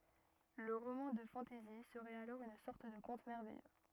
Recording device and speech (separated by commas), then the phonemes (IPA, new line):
rigid in-ear microphone, read sentence
lə ʁomɑ̃ də fɑ̃tɛzi səʁɛt alɔʁ yn sɔʁt də kɔ̃t mɛʁvɛjø